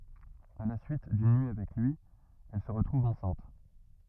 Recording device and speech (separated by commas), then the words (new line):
rigid in-ear microphone, read sentence
À la suite d'une nuit avec lui, elle se retrouve enceinte.